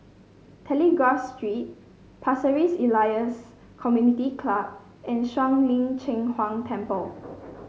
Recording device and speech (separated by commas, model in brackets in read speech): mobile phone (Samsung C5), read sentence